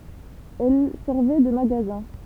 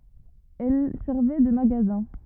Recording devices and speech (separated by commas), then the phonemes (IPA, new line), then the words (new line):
temple vibration pickup, rigid in-ear microphone, read sentence
ɛl sɛʁvɛ də maɡazɛ̃
Elles servaient de magasins.